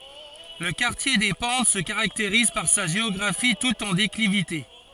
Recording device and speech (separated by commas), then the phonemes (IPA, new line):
forehead accelerometer, read sentence
lə kaʁtje de pɑ̃t sə kaʁakteʁiz paʁ sa ʒeɔɡʁafi tut ɑ̃ deklivite